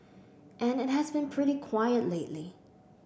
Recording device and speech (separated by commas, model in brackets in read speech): boundary microphone (BM630), read sentence